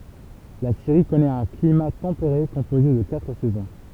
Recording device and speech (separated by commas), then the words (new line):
temple vibration pickup, read sentence
La Syrie connaît un climat tempéré composé de quatre saisons.